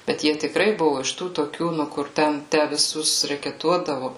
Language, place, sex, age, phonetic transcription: Lithuanian, Suvalkija, female, 18-60, bet ˈjie tikˈrai ˈbuvu iš ˈtų toˈkių ˈnu kur ˈten ˈtę viˈsus rekeˈtuodavu

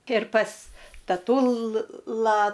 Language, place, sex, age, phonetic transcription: Lithuanian, Aukštaitija, female, 60+, ir pas taˈtula

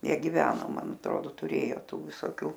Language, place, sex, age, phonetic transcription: Lithuanian, Aukštaitija, female, 60+, ˈjie giˈveno ˈman atˈrodo tuˈrėjo ˈtų visoˈkių

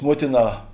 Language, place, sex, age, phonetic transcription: Lithuanian, Žemaitija, male, 60+, ˈmuotiˌnā

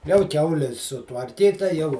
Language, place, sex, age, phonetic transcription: Lithuanian, Žemaitija, male, 60+, jau ˈkiauli sutvarˈkyta jau

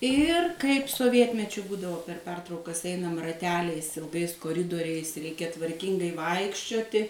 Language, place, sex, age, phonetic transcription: Lithuanian, Suvalkija, female, 60+, ˈir kaip soˈvietmečiu ˈbūdavo per ˈpertraukas ˈeinam raˈteliais ilˈgais koˈridoriais ˈreikia tvarˈkingai ˈvaikščioti

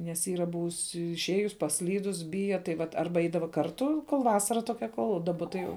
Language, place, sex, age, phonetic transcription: Lithuanian, Žemaitija, female, 18-60, nes ˈyra ˈbuvus išˈėjus pasˈlydus ˈbija tai ˈvat ˈarba ˈeidava karˈtu kol ˈvasara toˈkia ˈkol daˈba tai ˈjau

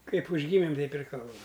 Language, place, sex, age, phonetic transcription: Lithuanian, Aukštaitija, male, 60+, ˈkaip užˈgymim ˈteip ir ˈkalbam

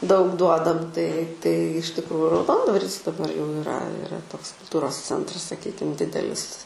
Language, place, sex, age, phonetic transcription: Lithuanian, Aukštaitija, female, 18-60, daug ˈduodam tai tai iš tikˈrųju rauˈdondvaris daˈbar jau iˈra iˈra ˈtoks kulˈtūros ˈcentras saˈkykim ˈdidelis

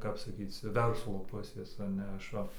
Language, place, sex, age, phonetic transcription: Lithuanian, Dzūkija, male, 18-60, ˈkap saˈkyc ˈverslo ˈpusės a ˈne ˈaš ˈva

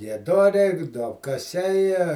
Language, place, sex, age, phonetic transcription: Lithuanian, Žemaitija, male, 60+, gieˈdoriai duobkaˈsiai

